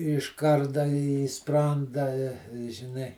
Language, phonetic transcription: Lithuanian, iš ˈkarda į ˈspranda i žiˈnai

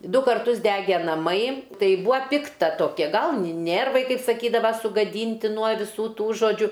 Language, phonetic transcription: Lithuanian, ˈdu karˈtus ˈdege naˈmai ˈtai ˈbūa ˈpikta toˈkia ˈgal ni ˈnėrvai ˈkaip saˈkydava sugaˈdynti nuo viˈsų ˈtų žoˈdžiu

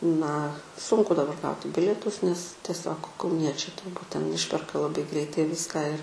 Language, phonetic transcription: Lithuanian, na ˈsunku daˈbar ˈgauti ˈbilietus nes tieˈsiog kauˈniečiai turˈbūt ten ˈišperka laˈbai ˈgreitai ˈviską ir

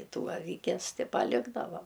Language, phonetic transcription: Lithuanian, ˈtų aˈvikes ti paˈlikdava

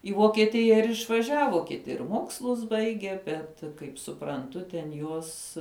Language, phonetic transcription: Lithuanian, į vokieˈtija ir išvaˈžiavo kiˈti ir ˈmokslus ˈbaigė ˈbet kaip supranˈtu ten ˈjuos

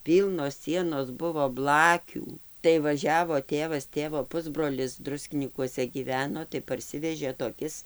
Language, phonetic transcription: Lithuanian, ˈpylnos ˈsienos ˈbuvo ˈblakių tai vaˈžiavo ˈtėvas ˈtėvo ˈpusbrolis ˈdruskinykuose ˈgyveno tai parˈsivežė toˈkis

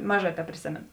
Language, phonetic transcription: Lithuanian, ˈmaˌžā teprėˈsėmėnu

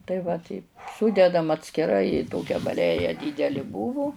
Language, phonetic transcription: Lithuanian, tai va ˈteip ˈsūdedam atskiˈrai i ˈtokia baˈleja ˈdydeli ˈbūvu

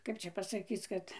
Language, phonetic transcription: Lithuanian, ˈkap čia pasaˈkyc ˈkad

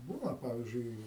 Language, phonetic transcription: Lithuanian, ˈbūna ˈpavyzdžiui

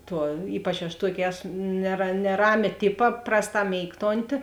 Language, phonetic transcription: Lithuanian, ˈtuo ˈypač aš ˈtuokė ˈesu nera neˈramė ˈtipa ˈprasˌtā ˈmėigtonti

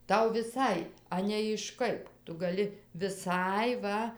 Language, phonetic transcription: Lithuanian, ˈtau viˈsai ˈanei iš ˈkaip ˈtu ˈgali viˈsai ˈva

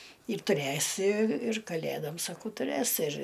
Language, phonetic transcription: Lithuanian, ir tuˈræsi ir kaˈlædom saˈkau tuˈræs ir

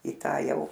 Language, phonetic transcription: Lithuanian, į ˈtą ˈjau

